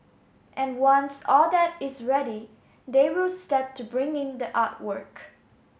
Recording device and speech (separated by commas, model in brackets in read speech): mobile phone (Samsung S8), read sentence